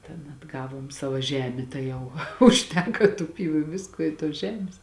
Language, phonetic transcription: Lithuanian, ten atˈgavom ˈsavo ˈžemė tai ˈjau užˈteka tu ˈpyvu i ˈviskuo ˈi tuos ˈžemės

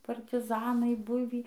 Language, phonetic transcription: Lithuanian, partiˈzanai ˈbuvį

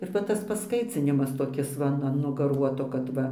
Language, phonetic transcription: Lithuanian, ir va ˈtas pasˈkaicinimas toˈkis va ˈnu an gaˈruoto kad ˈva

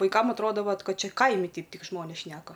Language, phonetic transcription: Lithuanian, vaiˈkam atˈroda ˈvat ˈkad ˈčia ˈkaimi ˈteip ˈtik ˈžmonės ˈšneka

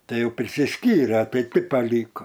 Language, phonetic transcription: Lithuanian, ˈtai ˈjau prisiˈskyre ˈtai ˈti paˈlyko

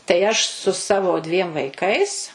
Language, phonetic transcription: Lithuanian, tai ˈaš su ˈsavo dviem vaiˈkais

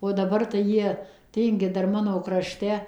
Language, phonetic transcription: Lithuanian, o daˈbar tai ˈjie ˈtyngi ˈdar ˈmano kraˈšte

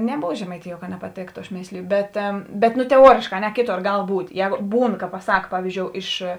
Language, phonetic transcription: Lithuanian, neˈbova žemaiˈtijuo ka nepaˈtėktu aš ˈmėsliju ˈbet bet ˈnu teˈuorėškā a ˈne ˈkėˌtor ˈgal ˈbūt' ˈjēgo ˈbūn ka paˈsak ˈpavizdžiou ˈiš

